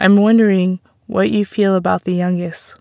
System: none